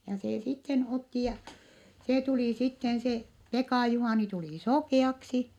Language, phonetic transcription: Finnish, ja see sitten otti ja , se tulì sitten se , Pekà Juhàni tulì sokè₍aksi .
- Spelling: ja se sitten otti ja se tuli sitten se Pekan Juhani tuli sokeaksi

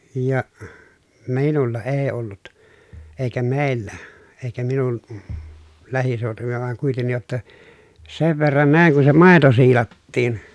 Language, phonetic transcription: Finnish, ja , miinulla ee ollut , èi̮kä meellä , èikä minu(n) , lähisèotuvilla vaŋ kuitennij jotta , sev verran nä̀iŋ kun se màeto siilattiin .
- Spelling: ja minulla ei ollut eikä meillä eikä minun lähiseutuvilla vaan kuitenkin jotta sen verran näin kun se maito siilattiin

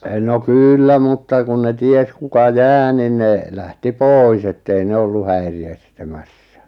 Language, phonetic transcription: Finnish, no "kyyllä mutta kun ne 'ties kuka "jää nin ne , 'lähti "pòis ettei 'ne ollu 'häiri- estä'mässä .
- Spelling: no kyllä mutta kun ne tiesi kuka jää niin ne lähti pois että ei ne ollut - estämässä

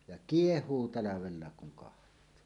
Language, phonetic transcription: Finnish, ja "kieh̀uu 'talavellaek kuŋ kaht̀oo .
- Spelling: ja kiehuu talvellakin kun katsoo

